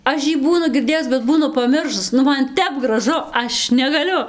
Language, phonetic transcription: Lithuanian, ˈaš jį ˈbūnu girˈdėjus bet ˈbūnu paˈmiršus ˈnu ˈman ˈtep graˈžu ˈaš negaˈliu

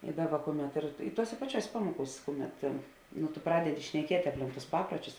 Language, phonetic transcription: Lithuanian, i ˈdaˌba ˈkuˌmet ir i ˈtuosė paˈčiuosė ˈpamuokūs' ˈkuˌmet nu tu ˈpradedi šneˈkiet' apˈlink tus ˈpapruočius

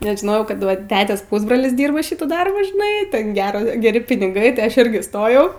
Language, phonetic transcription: Lithuanian, nes žiˈnojau ˈkad ˈva ˈtetės ˈpusbrolis ˈdyrba ˈšitų ˈdarbų žiˈnai ˈten ˈgero geˈri piniˈgai ti ˈaš ˈirgi ˈstojau

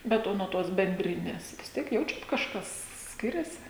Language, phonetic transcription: Lithuanian, ˈbet ˈo nuo ˈtos benˈdrines vis ˈtiek ˈjaučiat kažˈkas ˈskiriasi

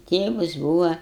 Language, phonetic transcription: Lithuanian, ˈtėvas ˈbūva

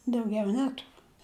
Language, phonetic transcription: Lithuanian, dauˈgiau ˈneturu

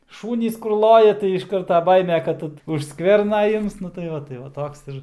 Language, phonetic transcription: Lithuanian, ˈšūnys kur ˈloja tai iš ˈkarta ˈbaime ˈkad už ˈskverna ˈims nu tai ˈva tai va ˈtoks ir

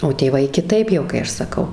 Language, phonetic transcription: Lithuanian, o tėˈvai kiˈtaip jau kai ˈaš saˈkau

